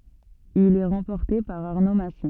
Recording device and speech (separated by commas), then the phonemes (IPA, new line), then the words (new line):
soft in-ear microphone, read sentence
il ɛ ʁɑ̃pɔʁte paʁ aʁno masi
Il est remporté par Arnaud Massy.